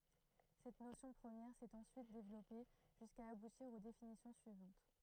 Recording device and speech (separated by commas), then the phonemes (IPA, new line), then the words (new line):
throat microphone, read sentence
sɛt nosjɔ̃ pʁəmjɛʁ sɛt ɑ̃syit devlɔpe ʒyska abutiʁ o definisjɔ̃ syivɑ̃t
Cette notion première s'est ensuite développée jusqu'à aboutir aux définitions suivantes.